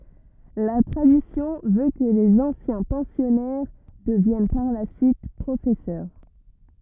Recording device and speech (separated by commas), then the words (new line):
rigid in-ear microphone, read sentence
La tradition veut que les anciens pensionnaires deviennent par la suite professeurs.